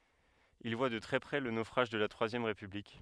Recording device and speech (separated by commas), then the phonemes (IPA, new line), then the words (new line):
headset microphone, read sentence
il vwa də tʁɛ pʁɛ lə nofʁaʒ də la tʁwazjɛm ʁepyblik
Il voit de très près le naufrage de la Troisième République.